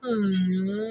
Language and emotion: Thai, neutral